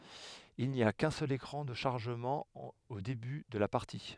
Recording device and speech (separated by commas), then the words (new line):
headset microphone, read sentence
Il n'y a qu'un seul écran de chargement au début de la partie.